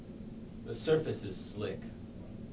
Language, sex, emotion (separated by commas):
English, male, neutral